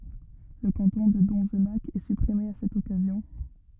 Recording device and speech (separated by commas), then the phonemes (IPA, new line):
rigid in-ear microphone, read sentence
lə kɑ̃tɔ̃ də dɔ̃znak ɛ sypʁime a sɛt ɔkazjɔ̃